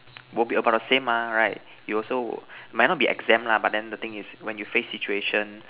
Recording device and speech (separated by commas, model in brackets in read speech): telephone, conversation in separate rooms